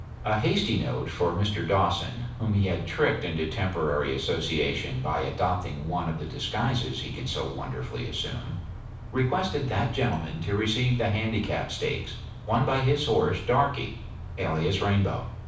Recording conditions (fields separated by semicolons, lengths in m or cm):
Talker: one person; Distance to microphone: 5.8 m; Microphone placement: far; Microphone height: 1.8 m; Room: medium-sized (5.7 m by 4.0 m); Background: none